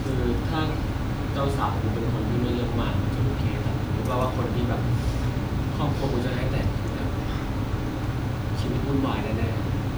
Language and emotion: Thai, frustrated